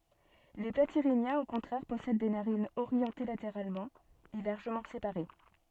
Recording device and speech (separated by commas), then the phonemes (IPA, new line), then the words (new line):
soft in-ear microphone, read sentence
le platiʁinjɛ̃z o kɔ̃tʁɛʁ pɔsɛd de naʁinz oʁjɑ̃te lateʁalmɑ̃ e laʁʒəmɑ̃ sepaʁe
Les Platyrhiniens au contraire possèdent des narines orientées latéralement et largement séparées.